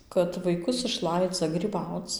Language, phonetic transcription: Lithuanian, kad vaiˈkus išˈlaidza gryˈbauc

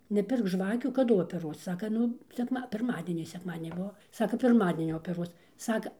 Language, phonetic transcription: Lithuanian, neˈpirk ˈžvakių kaˈdu opeˈruos ˈsaka ˈnu sekˈma pirˈmadienį sekˈmadieni ˈbuvo ˈsaka pirˈmadienį opeˈruos ˈsaka

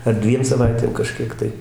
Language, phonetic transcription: Lithuanian, ar ˈdviem saˈvaitėm kaˈžkiek tai

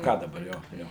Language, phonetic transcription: Lithuanian, ˈką daˈbar ˈjo ˈjo

